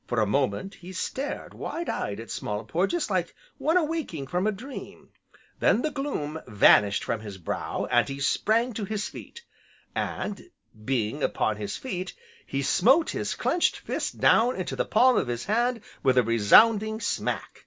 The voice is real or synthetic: real